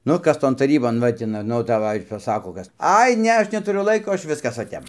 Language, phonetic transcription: Lithuanian, ˈnu ˈkas ˈton taˈrybon ˈva ti nu ˈnu daˈvai paˈsako ˈkas ˈai ˈne ˈaš netuˈriu ˈlaiko ˈaš ˈviskas va ˈtep

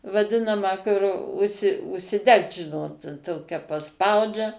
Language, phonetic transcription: Lithuanian, vaˈdinamą kur ˈužsi užsiˈdegt ˈžinot ˈtokia paˈspaudžia

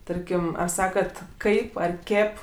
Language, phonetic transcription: Lithuanian, ˈtarkim ar ˈsakat ˈkaip ar ˈkėp

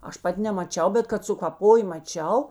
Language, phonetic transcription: Lithuanian, ˈaš ˈpat' nemaˈčiau ˈbet kad sukaˈpoj maˈčiau

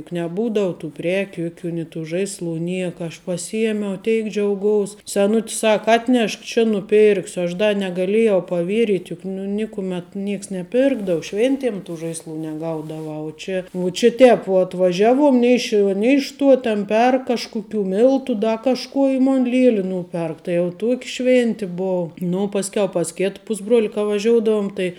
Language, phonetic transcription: Lithuanian, juk neˈbūdau tų ˈprekiu ˈjuˌkių ni tų ˈžaisˌlu ˈnieka aš paˈsyjemiau ˈteik džiauˈgous seˈnut's ˈsaka ˈatnešk či nuˈpirksiu aš ˈda negaˈlėjau paˈvieryt' ˈjuk nu ˈnikumet ˈnieks neˈpirkdavu ˈšvėntim tų ˈžaisˌlų neˈgaudavu u ˈčia u čia ˈtēp vuo atvaˈžiaˌvuom ˈnei iš ˌšiuo ˈnei iš ˌtuo ten ˈperk ˈkažkuˌkių ˈmiltu ˈda kažˈkuo i ˈmon ˈlieli ˈnūperk tai jau ˈtuoki ˈšvėnti ˈbuvu ˈnu pasˈkiau pas ˈkėt ˈpusbruoli ka vaˈžioudavum tai

